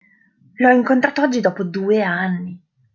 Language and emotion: Italian, surprised